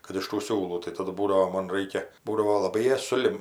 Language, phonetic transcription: Lithuanian, kad iš tų ˈsiūlų tai taˈdu ˈbūdavo ˈmon ˈraikia ˈbūdavo laˈbai ˈjas suˈlim

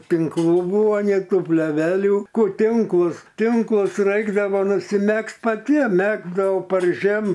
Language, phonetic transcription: Lithuanian, tinkˈlų ˈbūva nė ˈtų pleˈvelių ˈkur ˈtinklus ˈtinklus ˈraikdavo nusiˈmegzt paˈtiem ˈmegzdau par ˈžiem

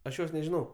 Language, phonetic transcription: Lithuanian, aš ˈjos nežiˈnau

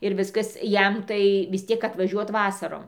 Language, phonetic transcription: Lithuanian, ir ˈviskas ˈjam tai vis ˈtiek atvaˈžiuot ˈvasarom

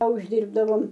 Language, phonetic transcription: Lithuanian, a užˈdyrbdavom

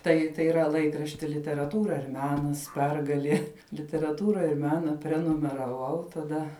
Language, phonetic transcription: Lithuanian, ˈtai tai yˈra ˈlaikrašti literaˈtūra ir ˈmenas ˈpergalie literaˈtūra ir ˈmena prenumeraˈvau taˈda

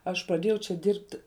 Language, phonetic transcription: Lithuanian, ˈaš praˈdėjau čia ˈdirbti

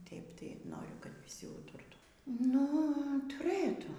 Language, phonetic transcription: Lithuanian, ˈtėip tai ˈnoriu kad viˈsi ˈūturtų ˈnu tuˈrɘtų

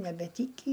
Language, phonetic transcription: Lithuanian, nebeˈtykį

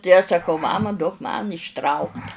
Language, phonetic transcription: Lithuanian, tai aš saˈkau ˈmama duok man išˈtraukt'

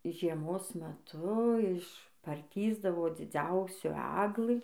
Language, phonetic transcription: Lithuanian, žieˈmos meˈtu iš parˈtįsdavo dziˈdziausių ˈæglɨ

